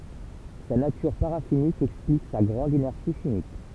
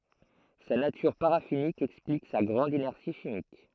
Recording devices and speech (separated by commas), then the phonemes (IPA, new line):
temple vibration pickup, throat microphone, read sentence
sa natyʁ paʁafinik ɛksplik sa ɡʁɑ̃d inɛʁsi ʃimik